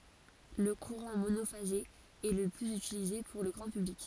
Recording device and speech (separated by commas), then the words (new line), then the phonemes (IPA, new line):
forehead accelerometer, read sentence
Le courant monophasé est le plus utilisé pour le grand public.
lə kuʁɑ̃ monofaze ɛ lə plyz ytilize puʁ lə ɡʁɑ̃ pyblik